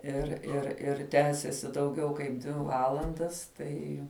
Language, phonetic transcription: Lithuanian, ir ir ir ˈtęsėsi dauˈgiau kaip ˈdvi ˈvalandas ˈtai

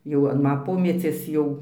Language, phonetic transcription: Lithuanian, jau an ˈma ˈpomecies ˈjau

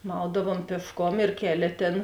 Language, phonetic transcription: Lithuanian, ˈmaudavom piešˈkom ir ˈkeˌlė ˈtėn

